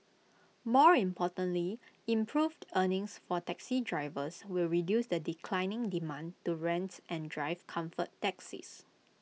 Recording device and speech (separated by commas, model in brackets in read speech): mobile phone (iPhone 6), read sentence